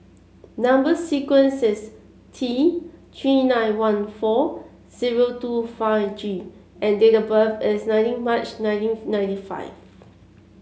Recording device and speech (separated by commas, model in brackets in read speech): mobile phone (Samsung C7), read sentence